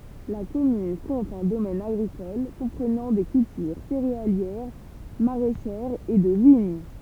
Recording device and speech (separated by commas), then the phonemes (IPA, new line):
temple vibration pickup, read sentence
la kɔmyn kɔ̃t œ̃ domɛn aɡʁikɔl kɔ̃pʁənɑ̃ de kyltyʁ seʁealjɛʁ maʁɛʃɛʁz e də viɲ